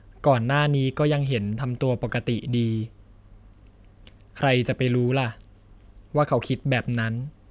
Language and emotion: Thai, neutral